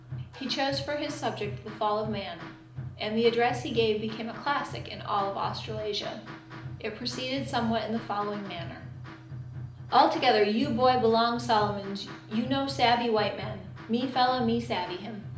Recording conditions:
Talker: one person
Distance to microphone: 2.0 m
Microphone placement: close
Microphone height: 99 cm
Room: medium-sized (5.7 m by 4.0 m)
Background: music

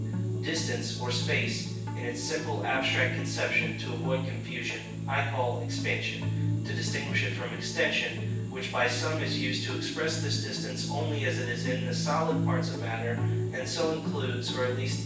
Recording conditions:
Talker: one person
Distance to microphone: 9.8 m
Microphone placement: far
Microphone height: 1.8 m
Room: large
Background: music

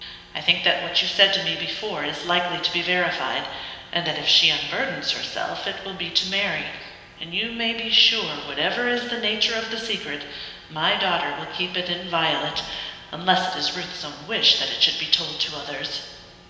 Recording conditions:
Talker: one person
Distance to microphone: 1.7 m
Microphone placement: close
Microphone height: 1.0 m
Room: very reverberant, large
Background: none

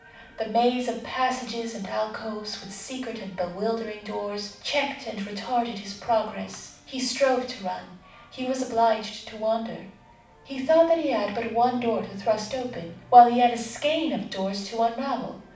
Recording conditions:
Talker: one person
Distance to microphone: 5.8 m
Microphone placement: far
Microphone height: 1.8 m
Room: medium-sized (5.7 m by 4.0 m)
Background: television

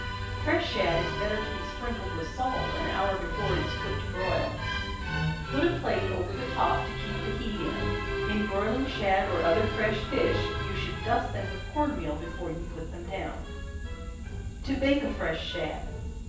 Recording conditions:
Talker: one person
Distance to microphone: 9.8 m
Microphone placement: far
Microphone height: 1.8 m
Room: large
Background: music

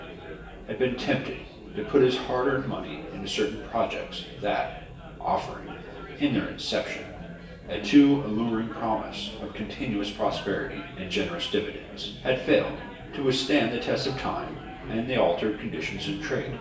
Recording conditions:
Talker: one person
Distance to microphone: 1.8 m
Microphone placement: close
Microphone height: 1.0 m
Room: large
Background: babble

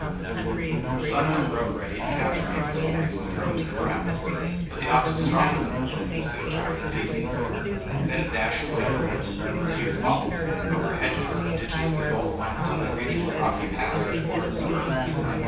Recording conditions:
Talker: one person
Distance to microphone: 9.8 m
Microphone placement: far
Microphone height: 1.8 m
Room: large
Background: babble

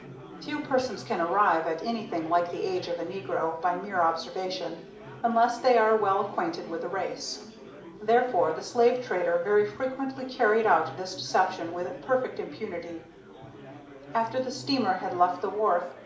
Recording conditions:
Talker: one person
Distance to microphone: 2.0 m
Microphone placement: close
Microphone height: 99 cm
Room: medium-sized (5.7 m by 4.0 m)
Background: babble

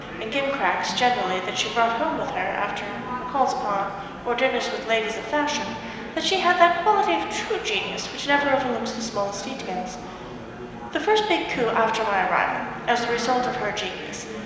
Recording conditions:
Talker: one person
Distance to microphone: 1.7 m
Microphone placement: close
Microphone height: 1.0 m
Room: very reverberant, large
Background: babble

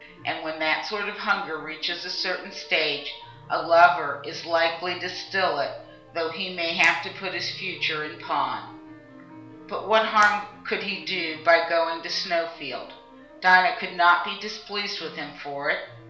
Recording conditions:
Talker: one person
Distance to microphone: 1.0 m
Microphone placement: close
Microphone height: 1.1 m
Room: small (3.7 m by 2.7 m)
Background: music

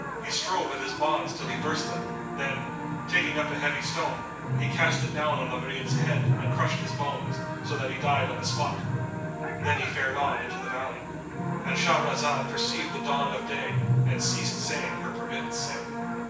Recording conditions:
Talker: one person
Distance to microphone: 9.8 m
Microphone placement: far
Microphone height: 1.8 m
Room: large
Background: television

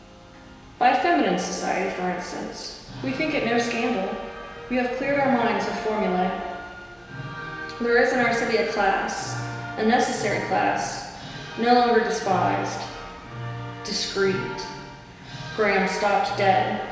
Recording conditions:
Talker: one person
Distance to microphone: 1.7 m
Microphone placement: close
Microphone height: 1.0 m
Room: very reverberant, large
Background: music

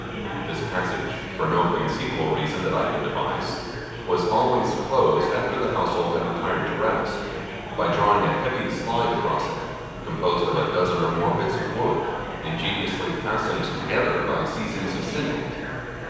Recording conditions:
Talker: one person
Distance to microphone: 7.1 m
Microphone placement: far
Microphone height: 1.7 m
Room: very reverberant, large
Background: babble

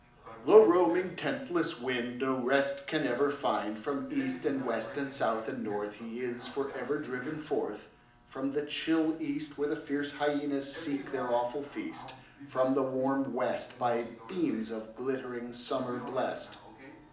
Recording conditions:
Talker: one person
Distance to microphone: 2.0 m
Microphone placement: close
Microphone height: 99 cm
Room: medium-sized (5.7 m by 4.0 m)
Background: television

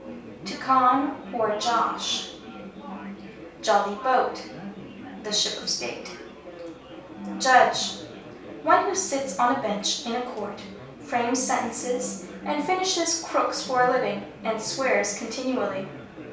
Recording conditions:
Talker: one person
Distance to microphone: 3.0 m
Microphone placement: far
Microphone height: 1.8 m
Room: small (3.7 m by 2.7 m)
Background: babble

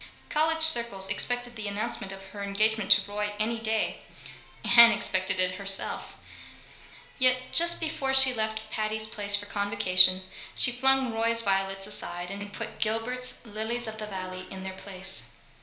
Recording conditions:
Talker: one person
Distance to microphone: 1.0 m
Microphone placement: close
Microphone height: 1.1 m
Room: small (3.7 m by 2.7 m)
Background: television

